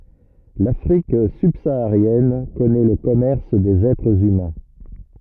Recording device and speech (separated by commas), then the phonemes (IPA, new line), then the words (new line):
rigid in-ear microphone, read sentence
lafʁik sybsaaʁjɛn kɔnɛ lə kɔmɛʁs dez ɛtʁz ymɛ̃
L'Afrique subsaharienne connaît le commerce des êtres humains.